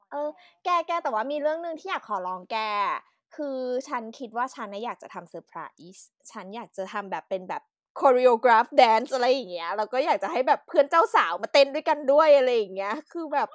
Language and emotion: Thai, happy